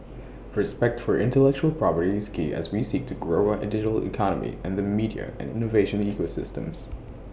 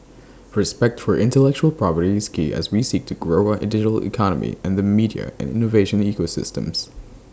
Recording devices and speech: boundary microphone (BM630), standing microphone (AKG C214), read sentence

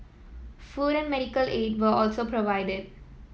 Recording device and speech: mobile phone (iPhone 7), read sentence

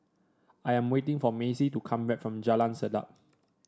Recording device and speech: standing microphone (AKG C214), read sentence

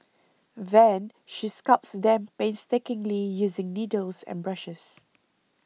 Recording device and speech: mobile phone (iPhone 6), read sentence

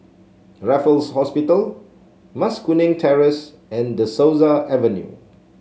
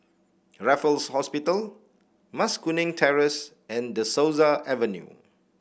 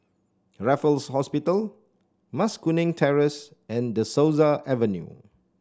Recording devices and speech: mobile phone (Samsung C7), boundary microphone (BM630), standing microphone (AKG C214), read sentence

